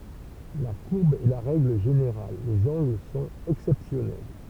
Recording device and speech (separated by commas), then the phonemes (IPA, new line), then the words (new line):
temple vibration pickup, read sentence
la kuʁb ɛ la ʁɛɡl ʒeneʁal lez ɑ̃ɡl sɔ̃t ɛksɛpsjɔnɛl
La courbe est la règle générale, les angles sont exceptionnels.